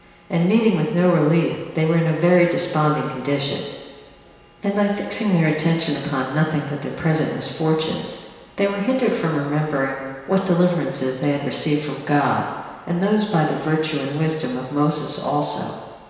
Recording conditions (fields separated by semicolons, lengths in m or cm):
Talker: one person; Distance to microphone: 1.7 m; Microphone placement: close; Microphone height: 1.0 m; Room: very reverberant, large; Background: none